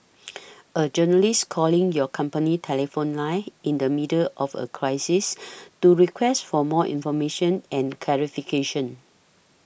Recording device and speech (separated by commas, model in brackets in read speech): boundary microphone (BM630), read sentence